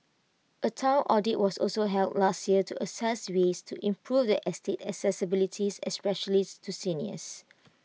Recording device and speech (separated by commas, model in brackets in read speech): mobile phone (iPhone 6), read sentence